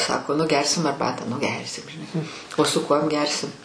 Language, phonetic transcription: Lithuanian, ˈsako nu ˈgersim arˈbatą nu ˈgersim žiˈnai o su ˈkuom ˈgersim

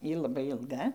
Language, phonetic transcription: Lithuanian, ˈjy laˈbai ilˈga

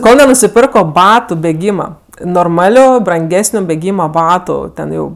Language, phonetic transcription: Lithuanian, ˈkol nenusiˈpirko ˈbatu beˈgyma norˈmaliu branˈgesniu beˈgyma ˈbatu ˈten ˈjau

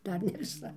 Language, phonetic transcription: Lithuanian, ˈdar ne viˈsa

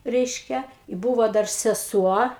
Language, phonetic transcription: Lithuanian, ˈreiškia i ˈbūvo ˈdar seˈsuo

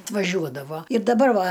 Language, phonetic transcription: Lithuanian, atvaˈžiuodavo ir daˈbar ˈva

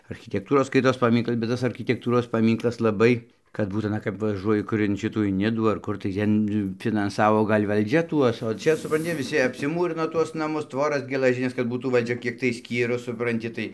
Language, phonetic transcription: Lithuanian, architekˈtūros ˈskaitos paˈmynklas bet ˈtas arkitekˈtūros paˈmynklas laˈbai kad ˈbūt aˈna kap vaˈžuoji ˈkur in ˈšitų in ˈnidų ar ˈkur tai ˈten finanˈsavo ˈgal' valˈdžia ˈtuos o ˈčia supranˈti viˈsi apsiˈmūrino ˈtuos naˈmus ˈtvoras gelaˈžines kad ˈbūtų valˈdžia ˈkiek tai ˈskyrus supranˈti tai

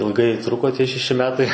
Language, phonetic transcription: Lithuanian, ilˈgai ˈtruko ˈtie šeˈši ˈmetai

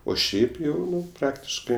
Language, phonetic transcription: Lithuanian, o ˈšiaip ˈjau ˈnu ˈpraktiškɜ

